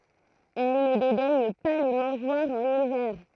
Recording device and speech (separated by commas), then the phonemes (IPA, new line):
throat microphone, read sentence
ɛl nə dedɛɲ pa le mɑ̃ʒwaʁz ɑ̃n ivɛʁ